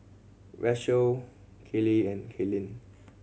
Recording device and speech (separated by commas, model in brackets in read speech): mobile phone (Samsung C7100), read sentence